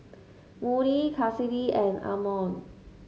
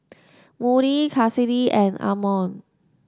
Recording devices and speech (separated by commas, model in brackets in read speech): mobile phone (Samsung S8), standing microphone (AKG C214), read sentence